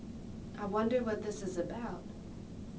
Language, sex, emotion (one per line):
English
female
neutral